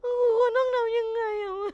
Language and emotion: Thai, sad